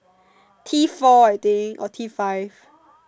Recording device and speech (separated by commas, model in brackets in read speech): standing microphone, conversation in separate rooms